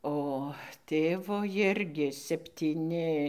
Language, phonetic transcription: Lithuanian, o ˈtėvo ˈjirgi septyˈni

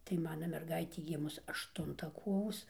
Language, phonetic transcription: Lithuanian, tai ˈmana merˈgaitė ˈgimus ašˈtunta ˈkovos

